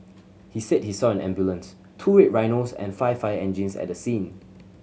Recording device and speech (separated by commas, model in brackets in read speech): mobile phone (Samsung C7100), read sentence